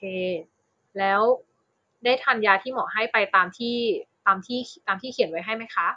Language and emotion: Thai, neutral